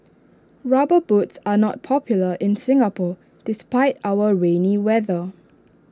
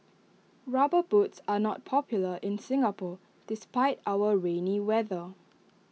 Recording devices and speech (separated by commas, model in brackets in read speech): standing microphone (AKG C214), mobile phone (iPhone 6), read sentence